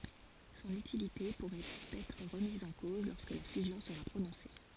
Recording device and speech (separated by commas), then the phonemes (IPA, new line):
forehead accelerometer, read sentence
sɔ̃n ytilite puʁɛt ɛtʁ ʁəmiz ɑ̃ koz lɔʁskə la fyzjɔ̃ səʁa pʁonɔ̃se